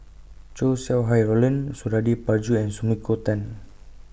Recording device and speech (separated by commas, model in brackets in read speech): boundary microphone (BM630), read sentence